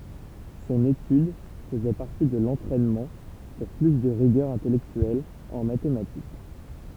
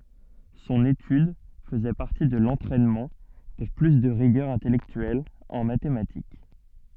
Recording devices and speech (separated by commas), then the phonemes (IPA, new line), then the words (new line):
temple vibration pickup, soft in-ear microphone, read sentence
sɔ̃n etyd fəzɛ paʁti də lɑ̃tʁɛnmɑ̃ puʁ ply də ʁiɡœʁ ɛ̃tɛlɛktyɛl ɑ̃ matematik
Son étude faisait partie de l'entraînement pour plus de rigueur intellectuelle en mathématiques.